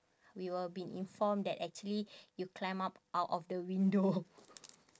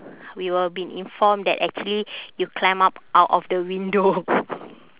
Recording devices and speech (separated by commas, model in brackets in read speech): standing microphone, telephone, conversation in separate rooms